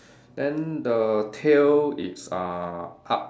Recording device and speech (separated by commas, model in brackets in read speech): standing microphone, conversation in separate rooms